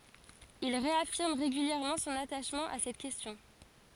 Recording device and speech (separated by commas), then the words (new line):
forehead accelerometer, read sentence
Il réaffirme régulièrement son attachement à cette question.